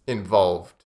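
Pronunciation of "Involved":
In 'involved', the second v sound is quite soft.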